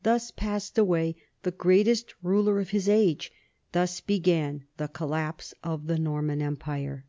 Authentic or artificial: authentic